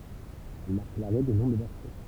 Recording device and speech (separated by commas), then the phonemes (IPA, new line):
temple vibration pickup, read sentence
ɛl maʁk laʁɛ de nɔ̃ də vɛʁsjɔ̃